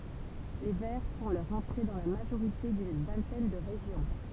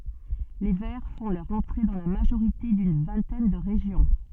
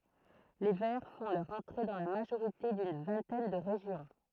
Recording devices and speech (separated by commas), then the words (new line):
temple vibration pickup, soft in-ear microphone, throat microphone, read sentence
Les Verts font leur entrée dans la majorité d'une vingtaine de régions.